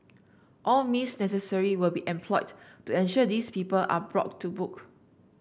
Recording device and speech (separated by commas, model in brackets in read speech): boundary microphone (BM630), read sentence